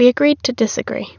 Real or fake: real